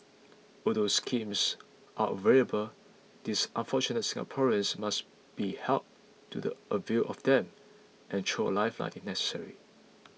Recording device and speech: mobile phone (iPhone 6), read sentence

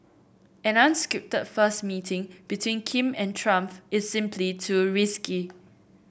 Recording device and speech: boundary microphone (BM630), read sentence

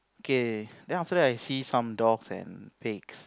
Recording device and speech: close-talking microphone, conversation in the same room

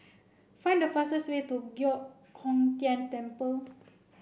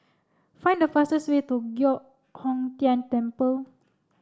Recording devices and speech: boundary microphone (BM630), standing microphone (AKG C214), read sentence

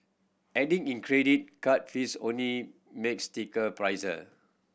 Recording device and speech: boundary microphone (BM630), read sentence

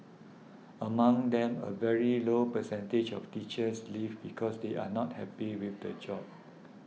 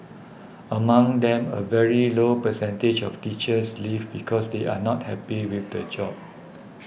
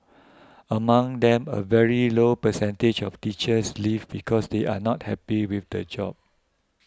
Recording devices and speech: mobile phone (iPhone 6), boundary microphone (BM630), close-talking microphone (WH20), read sentence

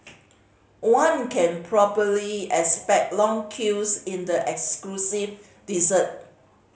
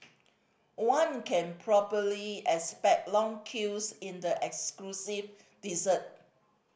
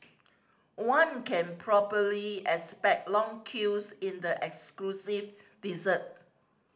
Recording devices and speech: mobile phone (Samsung C5010), boundary microphone (BM630), standing microphone (AKG C214), read sentence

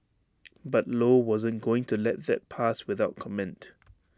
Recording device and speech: standing microphone (AKG C214), read sentence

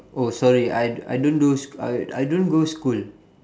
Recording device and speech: standing microphone, conversation in separate rooms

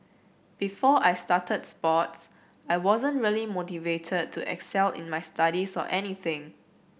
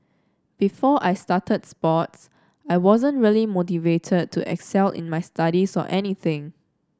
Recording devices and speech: boundary microphone (BM630), standing microphone (AKG C214), read sentence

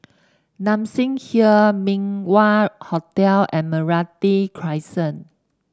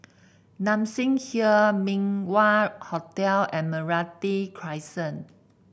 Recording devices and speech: standing microphone (AKG C214), boundary microphone (BM630), read sentence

